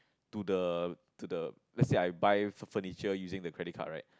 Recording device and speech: close-talking microphone, conversation in the same room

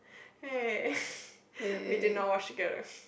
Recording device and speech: boundary microphone, conversation in the same room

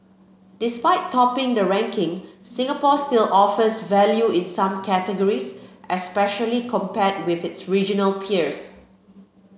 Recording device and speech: mobile phone (Samsung C7), read sentence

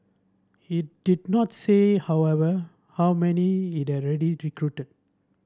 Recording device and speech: standing microphone (AKG C214), read sentence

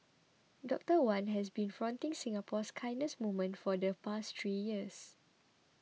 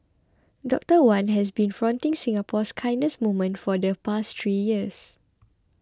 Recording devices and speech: mobile phone (iPhone 6), close-talking microphone (WH20), read sentence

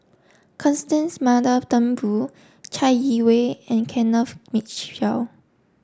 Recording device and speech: standing microphone (AKG C214), read sentence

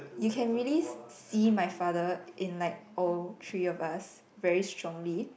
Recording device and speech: boundary microphone, conversation in the same room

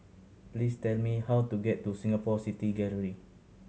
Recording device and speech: mobile phone (Samsung C7100), read sentence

